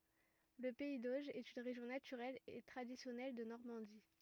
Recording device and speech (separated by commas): rigid in-ear microphone, read sentence